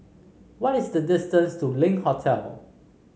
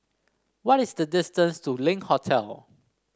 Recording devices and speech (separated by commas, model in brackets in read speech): mobile phone (Samsung C5), standing microphone (AKG C214), read sentence